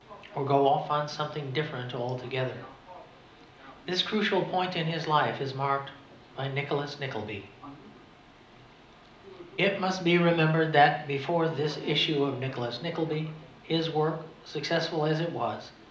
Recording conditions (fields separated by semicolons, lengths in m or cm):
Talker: one person; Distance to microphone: 2.0 m; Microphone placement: close; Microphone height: 99 cm; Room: medium-sized (5.7 m by 4.0 m); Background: television